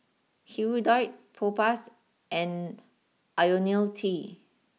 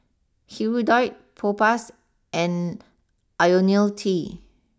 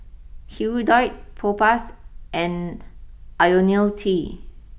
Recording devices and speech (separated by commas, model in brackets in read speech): mobile phone (iPhone 6), standing microphone (AKG C214), boundary microphone (BM630), read sentence